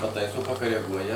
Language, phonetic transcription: Lithuanian, paˈtaiso pakareˈguoja

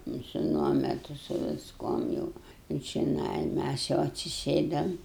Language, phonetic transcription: Lithuanian, nu su ˈnuometu su visˈkuom jau i čiˈnai ˈmæs jau atsiˈsėdam

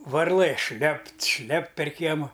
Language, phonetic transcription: Lithuanian, varˈlɘ ˈšlept ˈšlept per ˈkiemu

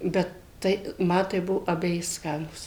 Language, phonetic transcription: Lithuanian, ˈbet ˈtai ˈma tai ˈbuvo abeˈji ˈskanūs

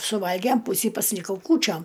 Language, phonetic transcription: Lithuanian, suˈvalgem ˈpūsį pasiliˈkau ˈkūčiom

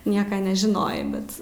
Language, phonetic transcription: Lithuanian, ˈnieka nežiˈnojai ˈbet

